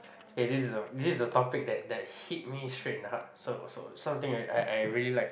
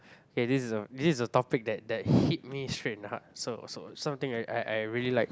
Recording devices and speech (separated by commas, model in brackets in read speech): boundary microphone, close-talking microphone, conversation in the same room